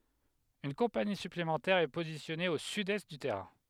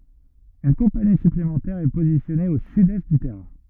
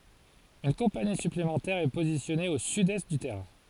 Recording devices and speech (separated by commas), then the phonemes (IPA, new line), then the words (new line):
headset microphone, rigid in-ear microphone, forehead accelerometer, read sentence
yn kɔ̃pani syplemɑ̃tɛʁ ɛ pozisjɔne o sydɛst dy tɛʁɛ̃
Une compagnie supplémentaire est positionnée au sud-est du terrain.